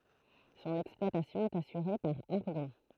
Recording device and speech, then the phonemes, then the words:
throat microphone, read sentence
sɔ̃n ɛksplwatasjɔ̃ ɛt asyʁe paʁ aʁdɔ̃
Son exploitation est assurée par Ardon.

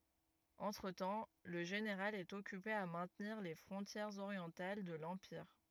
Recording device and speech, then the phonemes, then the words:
rigid in-ear microphone, read sentence
ɑ̃tʁətɑ̃ lə ʒeneʁal ɛt ɔkype a mɛ̃tniʁ le fʁɔ̃tjɛʁz oʁjɑ̃tal də lɑ̃piʁ
Entretemps, le général est occupé à maintenir les frontières orientales de l'empire.

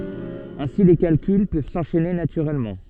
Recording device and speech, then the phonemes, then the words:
soft in-ear microphone, read sentence
ɛ̃si le kalkyl pøv sɑ̃ʃɛne natyʁɛlmɑ̃
Ainsi les calculs peuvent s'enchaîner naturellement.

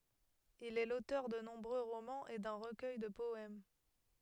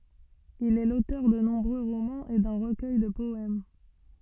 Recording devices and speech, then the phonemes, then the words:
headset microphone, soft in-ear microphone, read sentence
il ɛ lotœʁ də nɔ̃bʁø ʁomɑ̃z e dœ̃ ʁəkœj də pɔɛm
Il est l'auteur de nombreux romans et d'un recueil de poèmes.

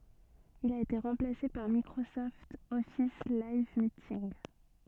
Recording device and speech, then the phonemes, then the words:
soft in-ear microphone, read sentence
il a ete ʁɑ̃plase paʁ mikʁosɔft ɔfis lajv mitinɡ
Il a été remplacé par Microsoft Office Live Meeting.

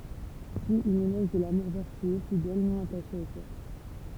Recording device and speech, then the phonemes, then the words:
temple vibration pickup, read sentence
syi œ̃n elɔʒ də lamuʁ vɛʁtyø fidɛl nɔ̃ ataʃe o kɔʁ
Suit un éloge de l'amour vertueux, fidèle, non attaché au corps.

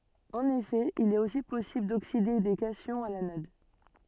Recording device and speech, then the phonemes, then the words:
soft in-ear microphone, read sentence
ɑ̃n efɛ il ɛt osi pɔsibl dokside de kasjɔ̃z a lanɔd
En effet, il est aussi possible d'oxyder des cations à l'anode.

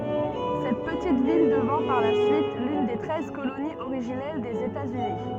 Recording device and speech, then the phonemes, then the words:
soft in-ear microphone, read sentence
sɛt pətit vil dəvɛ̃ paʁ la syit lyn de tʁɛz koloniz oʁiʒinɛl dez etaz yni
Cette petite ville devint par la suite l'une des Treize colonies originelles des États-Unis.

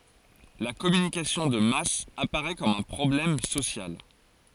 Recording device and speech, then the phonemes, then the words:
forehead accelerometer, read sentence
la kɔmynikasjɔ̃ də mas apaʁɛ kɔm œ̃ pʁɔblɛm sosjal
La communication de masse apparait comme un problème social.

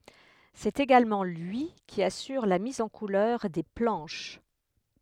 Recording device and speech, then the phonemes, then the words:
headset microphone, read sentence
sɛt eɡalmɑ̃ lyi ki asyʁ la miz ɑ̃ kulœʁ de plɑ̃ʃ
C'est également lui qui assure la mise en couleurs des planches.

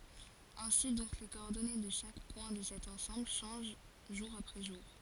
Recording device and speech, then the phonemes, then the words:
forehead accelerometer, read sentence
ɛ̃si dɔ̃k le kɔɔʁdɔne də ʃak pwɛ̃ də sɛt ɑ̃sɑ̃bl ʃɑ̃ʒ ʒuʁ apʁɛ ʒuʁ
Ainsi donc les coordonnées de chaque point de cet ensemble changent jour après jour.

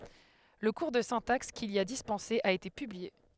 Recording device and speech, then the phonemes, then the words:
headset microphone, read sentence
lə kuʁ də sɛ̃taks kil i a dispɑ̃se a ete pyblie
Le cours de syntaxe qu'il y a dispensé a été publié.

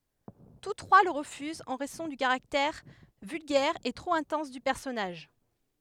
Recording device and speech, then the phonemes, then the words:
headset microphone, read sentence
tus tʁwa lə ʁəfyzt ɑ̃ ʁɛzɔ̃ dy kaʁaktɛʁ vylɡɛʁ e tʁop ɛ̃tɑ̃s dy pɛʁsɔnaʒ
Tous trois le refusent en raison du caractère vulgaire et trop intense du personnage.

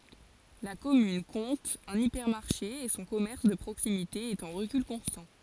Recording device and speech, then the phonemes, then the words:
forehead accelerometer, read sentence
la kɔmyn kɔ̃t œ̃n ipɛʁmaʁʃe e sɔ̃ kɔmɛʁs də pʁoksimite ɛt ɑ̃ ʁəkyl kɔ̃stɑ̃
La commune compte un hypermarché et son commerce de proximité est en recul constant.

